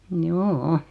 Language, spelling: Finnish, joo
- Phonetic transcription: mjoo₍"o .

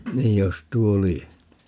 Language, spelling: Finnish, niin jos tuo lie
- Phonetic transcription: 'niij jos 'tuo "lie .

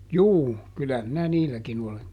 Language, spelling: Finnish, juu kyllä minä niilläkin olen
- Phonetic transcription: "juu , ˈkylä minä "niilläkin ‿ole .

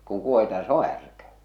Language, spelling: Finnish, niin kun kuohitaan se on härkä
- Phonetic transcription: nii , kuŋ kuohita 'se ‿o 'härkä .

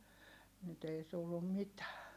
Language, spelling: Finnish, nyt ei tullut mitään
- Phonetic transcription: nyt ‿ei tullum mitää .

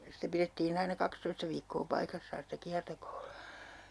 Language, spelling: Finnish, sitä pidettiin aina kaksitoista viikkoa paikassaan sitä -
- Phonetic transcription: 'sitä pirettii'n ‿aina 'kakstoista viikkoo 'paikassaan̬ sitä 'kiartoko .

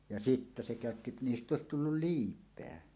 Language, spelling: Finnish, ja sitten se käytti niistä olisi tullut liipeä
- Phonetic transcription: ja "sittä 'se 'kä̀ötti "niist"ᵗ ‿òesit 'tullul "liip̆peä .

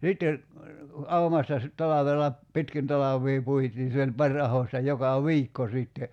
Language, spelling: Finnish, ja sitten aumasta sitten talvella pitkin talvea puitiin se oli pari ahdosta joka viikko sitten
- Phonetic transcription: ja 'sitte , 'aumasta sit 'talavella , "pitkin 'talav̆vii 'puitiin̬ se oĺ 'paŕ ahosta 'joka "ẁiikko sìtte ,.

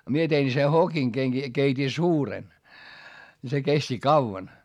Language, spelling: Finnish, minä tein se hokin kenki keitin suuren niin se kesti kauan
- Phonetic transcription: mie tein se hokiŋ keŋki , keit́i suuren , ni se kesti kauvan .

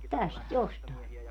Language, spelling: Finnish, tästä jostain
- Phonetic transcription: "täst "jostàe .

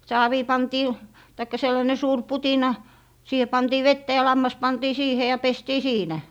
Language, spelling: Finnish, saaviin pantiin tai sellainen suuri putina siihen pantiin vettä ja lammas pantiin siihen ja pestiin siinä
- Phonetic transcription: 'saavii 'pantii , taikka 'sellane 'suur "putina , 'siihe 'pantii "vettä ja 'lammas 'pantii "siihe ja 'pestii "siinä .

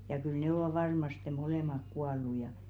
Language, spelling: Finnish, ja kyllä ne ovat varmasti molemmat kuollut ja
- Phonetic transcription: ja kyl n'ĕ ‿ovà 'varmaste "molèmak 'kual̆lu ja .

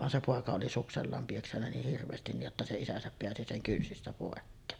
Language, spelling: Finnish, vaan se poika oli suksellaan piessyt niin hirveästi niin jotta se isänsä pääsi sen kynsistä pois
- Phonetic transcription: van se 'pòeka oli suksellaam pieksännä 'niih hirv̀eestin ni’ ’otta se 'isäsäp peäsi 'seŋ 'kynsistä pòekkeen .

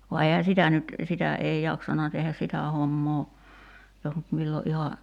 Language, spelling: Finnish, vaan eihän sitä nyt sitä ei jaksanut tehdä sitä hommaa jos nyt milloin ihan
- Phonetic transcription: va eihä 'sitä nyt , 'sitä 'ei 'jaksana tehäs "sitä 'hommoo , jos nyt 'millo '’iha ,.

